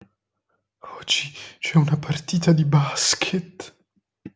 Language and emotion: Italian, fearful